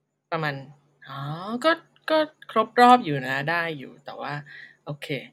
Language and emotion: Thai, neutral